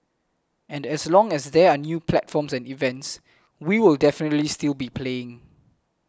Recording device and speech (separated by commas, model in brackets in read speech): close-talking microphone (WH20), read sentence